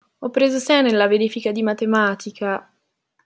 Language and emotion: Italian, sad